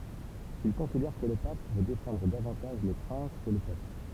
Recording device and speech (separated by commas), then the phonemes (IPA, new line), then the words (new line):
temple vibration pickup, read sentence
il kɔ̃sidɛʁ kə lə pap vø defɑ̃dʁ davɑ̃taʒ le pʁɛ̃s kə lə pøpl
Il considère que le Pape veut défendre davantage les princes que le peuple.